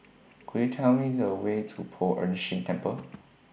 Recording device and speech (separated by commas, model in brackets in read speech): boundary microphone (BM630), read sentence